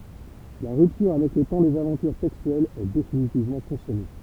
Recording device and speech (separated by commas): temple vibration pickup, read sentence